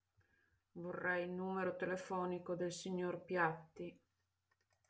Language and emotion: Italian, sad